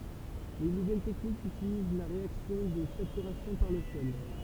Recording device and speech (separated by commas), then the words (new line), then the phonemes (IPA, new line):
temple vibration pickup, read sentence
Les nouvelles techniques utilisent la réaction de saturation par le sel.
le nuvɛl tɛknikz ytiliz la ʁeaksjɔ̃ də satyʁasjɔ̃ paʁ lə sɛl